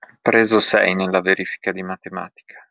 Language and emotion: Italian, sad